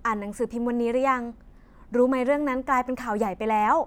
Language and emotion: Thai, happy